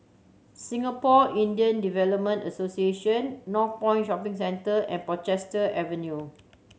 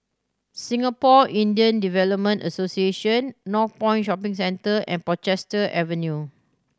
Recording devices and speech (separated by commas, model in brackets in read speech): mobile phone (Samsung C7100), standing microphone (AKG C214), read sentence